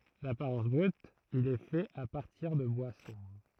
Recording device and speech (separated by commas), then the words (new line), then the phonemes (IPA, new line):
throat microphone, read sentence
D'apparence brute, il est fait à partir de bois sombre.
dapaʁɑ̃s bʁyt il ɛ fɛt a paʁtiʁ də bwa sɔ̃bʁ